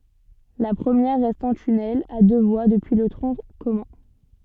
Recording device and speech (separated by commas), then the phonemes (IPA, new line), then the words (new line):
soft in-ear microphone, read sentence
la pʁəmjɛʁ ʁɛst ɑ̃ tynɛl a dø vwa dəpyi lə tʁɔ̃ kɔmœ̃
La première reste en tunnel à deux voies depuis le tronc commun.